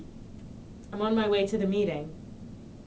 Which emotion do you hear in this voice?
neutral